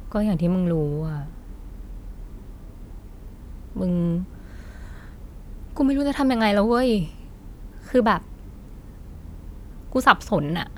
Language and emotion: Thai, frustrated